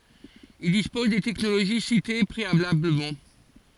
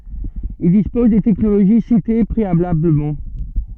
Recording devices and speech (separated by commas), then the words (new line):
forehead accelerometer, soft in-ear microphone, read sentence
Ils disposent des technologies citées préalablement.